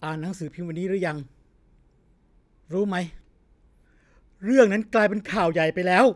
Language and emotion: Thai, angry